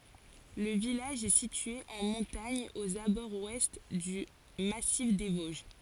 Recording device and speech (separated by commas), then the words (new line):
forehead accelerometer, read sentence
Le village est situé en montagne aux abords ouest du Massif des Vosges.